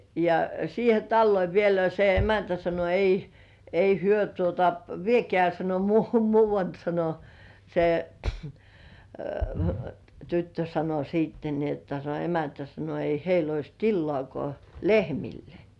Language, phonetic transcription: Finnish, ja siihe "talloi 'vielä ja se "emäntä 'sano » 'ei , 'ei "hyö tuota , "viekĕä̀ « sano » muu- 'muuvant [!] « sano , se , 'tyttö sano 'siitten ni ‿otta se 'emäntä sano » ei 'heil ‿ois "tillŏàkŏà "lehmille .
- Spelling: ja siihen taloon vielä ja se emäntä sanoi ei ei he tuota viekää sanoi - muualle [!] sanoi se tyttö sanoi sitten niin jotta se emäntä sanoi ei heillä olisi tilaakaan lehmille

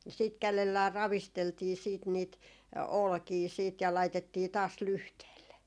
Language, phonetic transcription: Finnish, siit 'kälellää 'ravisteltii siit niit , "olkii siit ja 'laitettii taas "lyhteelle .
- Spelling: sitten kädellään ravisteltiin sitten niitä olkia sitten ja laitettiin taas lyhteelle

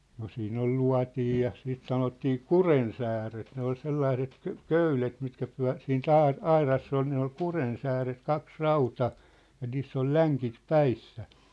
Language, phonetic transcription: Finnish, no 'siin ‿ol "lua̭tij ja , siit 'sanottii "kurensääret ne ‿ol 'sellaĭset , kö̆- "köylet mitkä pyä̭- , siin"t ‿ai- , "airass ‿ol ne ‿ol "kurensääret 'kaks "rauta- , ja 'niiss ‿ol 'läŋkit 'päissä .
- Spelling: no siinä oli luotin ja sitten sanottiin kurjensääret ne oli sellaiset - köydet mitkä - siitä - aurassa oli ne oli kurjensääret kaksi - ja niissä oli lenkit päissä

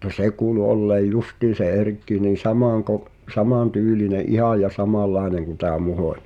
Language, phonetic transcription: Finnish, mutta "se kuulu 'olleej "justiin̬ se 'Erkki nii "samàŋkoᵏ- , "samàn"tyyline "’ihàj ja 'samàllaeneŋ kuⁿ tää 'Muhòńᴱ .
- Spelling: mutta se kuului olleen justiin se Erkki niin - samantyylinen ihan ja samanlainen kuin tämä Muhonen

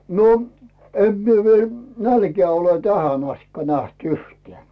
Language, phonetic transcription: Finnish, no , em mie viel , "nälkeä̀ ole 'tähän ‿astikka 'näht 'uhtᵉä̀ .
- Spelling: no en minä vielä nälkää ole tähän asti nähnyt yhtään

